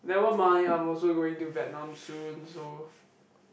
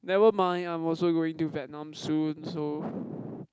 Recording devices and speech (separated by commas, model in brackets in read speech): boundary microphone, close-talking microphone, conversation in the same room